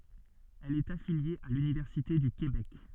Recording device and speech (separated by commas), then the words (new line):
soft in-ear microphone, read sentence
Elle est affiliée à l'Université du Québec.